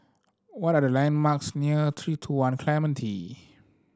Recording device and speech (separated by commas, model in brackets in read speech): standing microphone (AKG C214), read sentence